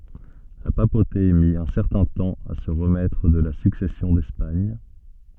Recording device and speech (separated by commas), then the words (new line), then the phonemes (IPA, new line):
soft in-ear microphone, read sentence
La papauté mit un certain temps à se remettre de la Succession d'Espagne.
la papote mi œ̃ sɛʁtɛ̃ tɑ̃ a sə ʁəmɛtʁ də la syksɛsjɔ̃ dɛspaɲ